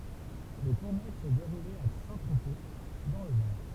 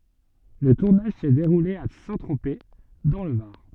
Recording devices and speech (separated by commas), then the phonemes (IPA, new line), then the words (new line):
temple vibration pickup, soft in-ear microphone, read sentence
lə tuʁnaʒ sɛ deʁule a sɛ̃tʁope dɑ̃ lə vaʁ
Le tournage s'est déroulé à Saint-Tropez, dans le Var.